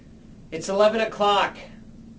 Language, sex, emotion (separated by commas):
English, male, disgusted